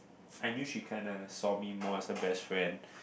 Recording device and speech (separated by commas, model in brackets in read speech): boundary microphone, conversation in the same room